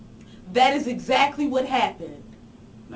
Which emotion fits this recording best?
angry